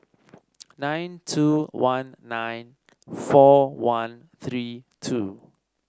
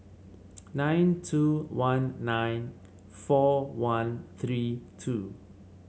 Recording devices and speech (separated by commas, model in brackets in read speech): standing microphone (AKG C214), mobile phone (Samsung C7), read sentence